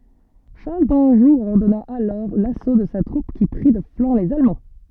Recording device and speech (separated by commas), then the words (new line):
soft in-ear microphone, read sentence
Charles d'Anjou ordonna alors l'assaut de sa troupe qui prit de flanc les Allemands.